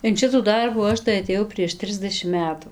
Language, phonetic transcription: Lithuanian, in ˈšitų ˈdarbų ˈaš tai atėˈjau prieš ˈtrisdešim ˈmetu

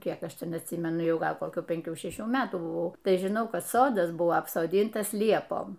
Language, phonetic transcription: Lithuanian, ˈkiek ˈaš ˈten atˈsymenu ˈjau ˈgal koˈkių penˈkių šeˈšių ˈmetų buˈvau ˈtai žiˈnau ˈkad ˈsodas ˈbua apsoˈdyntas ˈliepom

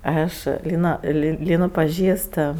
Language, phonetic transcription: Lithuanian, ˈaš ˈlyna li ˈlynu paˈžįst

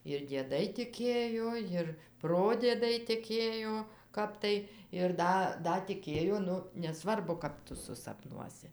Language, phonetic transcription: Lithuanian, ir dieˈdai tiˈkėjo ˈjir ˈprodiedai tiˈkėjo ˈkap tai ir ˈda ˈda tiˈkėjo ˈnu neˈsvarbu ˈkap tu susapˈnuosi

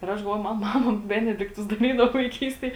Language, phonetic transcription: Lithuanian, ir ˈaš galˈvoju ˈman ˈmama ˈbenedikˌtus daˈrydavo vaiˈkystėj

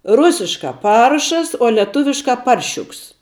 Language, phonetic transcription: Lithuanian, ˈrusiškā ˈparšas o lieˈtuviškā ˈparšiuks

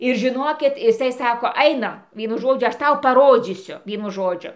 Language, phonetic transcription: Lithuanian, ir žiˈnokit iˈsai ˈsako ˈainam ˈvienu ˈžodžiu ˈaš ˈtau paˈrodzysiu ˈvienu ˈžodžiu

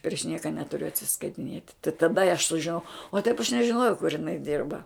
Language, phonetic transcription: Lithuanian, priš ˈnieka ˈneturiu atsiskaitiˈniet' tai taˈda i aš sužiˈnau o taip aš nežiˈnojau kur iˈnai ˈdirba

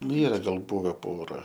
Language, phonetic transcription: Lithuanian, nu ˈyra gal ˈbuve ˈpora

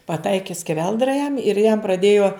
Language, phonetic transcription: Lithuanian, paˈtaiki skeˈveldra jam ir jam praˈdėjo

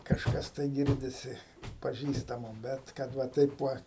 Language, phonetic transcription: Lithuanian, kažˈkas tai ˈgirdisi paˈžįstamo ˈbet kad ˈva ˈtaip ˈva

